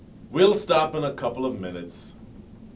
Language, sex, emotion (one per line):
English
male
disgusted